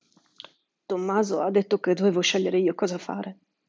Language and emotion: Italian, fearful